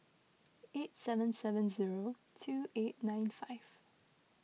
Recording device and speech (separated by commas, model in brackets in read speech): mobile phone (iPhone 6), read sentence